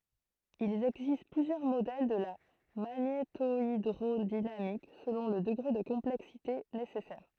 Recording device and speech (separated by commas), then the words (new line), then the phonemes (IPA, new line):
throat microphone, read sentence
Il existe plusieurs modèles de la magnétohydrodynamique selon le degré de complexité nécessaire.
il ɛɡzist plyzjœʁ modɛl də la maɲetoidʁodinamik səlɔ̃ lə dəɡʁe də kɔ̃plɛksite nesɛsɛʁ